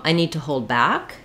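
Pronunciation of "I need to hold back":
In 'I need to hold back', the stress falls on 'back', which is stretched, while 'hold' is shorter.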